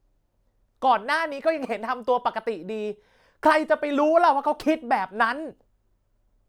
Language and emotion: Thai, angry